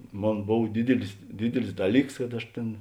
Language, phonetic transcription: Lithuanian, ˈmon ˈbov ˈdidilis ˈdidilis ˈdaˌlyks kad ˈaš ˈtėn

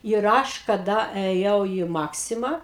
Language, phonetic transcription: Lithuanian, ir ˈaš kaˈda eˈjau į ˈmaksimą

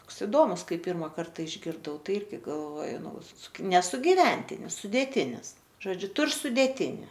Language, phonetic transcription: Lithuanian, ˈtoks iˈdomus ˈkai ˈpyrma ˈkarta išgirˈdau ˈtai ˈirgi galˈvoju ˈnu suki ne sugiˈventinis sudėˈtinis žoˈdžiu ˈtur sudėˈtini

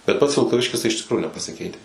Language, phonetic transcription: Lithuanian, bet ˈpats vilkaˈviškis tai iš tikˈrųju nepasiˈkeites

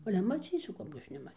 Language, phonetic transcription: Lithuanian, ˈale maˈcysiu ˈkapgi ˈaš neˈma

